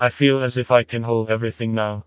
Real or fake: fake